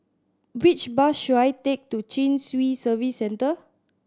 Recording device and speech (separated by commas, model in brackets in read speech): standing microphone (AKG C214), read sentence